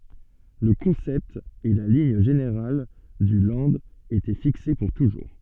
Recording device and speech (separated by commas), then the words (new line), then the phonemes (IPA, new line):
soft in-ear microphone, read sentence
Le concept et la ligne générale du Land étaient fixés pour toujours.
lə kɔ̃sɛpt e la liɲ ʒeneʁal dy lɑ̃d etɛ fikse puʁ tuʒuʁ